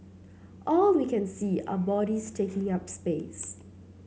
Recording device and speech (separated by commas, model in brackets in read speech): mobile phone (Samsung C7), read sentence